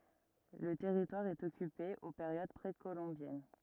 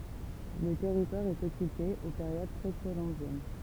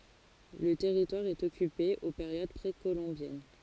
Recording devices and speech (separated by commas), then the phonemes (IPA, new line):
rigid in-ear microphone, temple vibration pickup, forehead accelerometer, read sentence
lə tɛʁitwaʁ ɛt ɔkype o peʁjod pʁekolɔ̃bjɛn